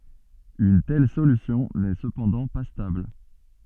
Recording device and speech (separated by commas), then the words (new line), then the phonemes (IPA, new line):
soft in-ear microphone, read sentence
Une telle solution n'est cependant pas stable.
yn tɛl solysjɔ̃ nɛ səpɑ̃dɑ̃ pa stabl